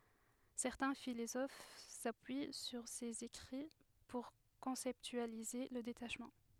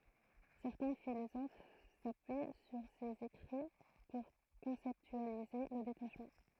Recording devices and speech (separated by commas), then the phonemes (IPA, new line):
headset microphone, throat microphone, read sentence
sɛʁtɛ̃ filozof sapyi syʁ sez ekʁi puʁ kɔ̃sɛptyalize lə detaʃmɑ̃